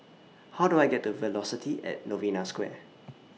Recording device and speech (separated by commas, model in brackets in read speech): mobile phone (iPhone 6), read sentence